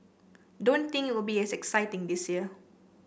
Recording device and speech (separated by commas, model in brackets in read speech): boundary microphone (BM630), read sentence